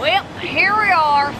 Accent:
In Southern accent